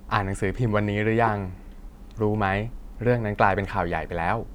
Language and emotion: Thai, neutral